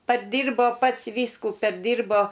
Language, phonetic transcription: Lithuanian, parˈdyrbo ˈpats ˈvyskų perˈdyrbo

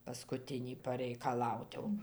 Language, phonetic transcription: Lithuanian, paskuˈtinį pareikaˈlaut jau ir ˈtie jau

